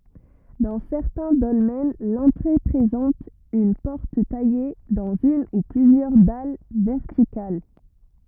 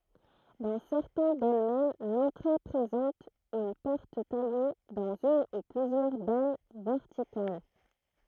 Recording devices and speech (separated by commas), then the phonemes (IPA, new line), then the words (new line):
rigid in-ear microphone, throat microphone, read sentence
dɑ̃ sɛʁtɛ̃ dɔlmɛn lɑ̃tʁe pʁezɑ̃t yn pɔʁt taje dɑ̃z yn u plyzjœʁ dal vɛʁtikal
Dans certains dolmens, l'entrée présente une porte taillée dans une ou plusieurs dalles verticales.